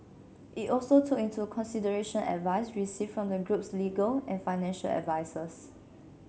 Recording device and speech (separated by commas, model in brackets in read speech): mobile phone (Samsung C7), read sentence